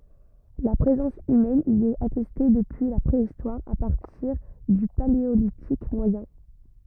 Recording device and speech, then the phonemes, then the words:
rigid in-ear microphone, read sentence
la pʁezɑ̃s ymɛn i ɛt atɛste dəpyi la pʁeistwaʁ a paʁtiʁ dy paleolitik mwajɛ̃
La présence humaine y est attestée depuis la Préhistoire, à partir du Paléolithique moyen.

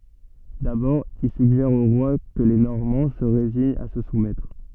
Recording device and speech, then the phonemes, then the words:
soft in-ear microphone, read sentence
dabɔʁ il syɡʒɛʁ o ʁwa kə le nɔʁmɑ̃ sə ʁeziɲt a sə sumɛtʁ
D'abord, il suggère au roi que les Normands se résignent à se soumettre.

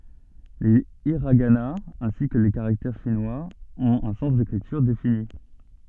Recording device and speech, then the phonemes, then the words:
soft in-ear microphone, read sentence
le iʁaɡanaz ɛ̃si kə le kaʁaktɛʁ ʃinwaz ɔ̃t œ̃ sɑ̃s dekʁityʁ defini
Les hiraganas, ainsi que les caractères chinois, ont un sens d'écriture défini.

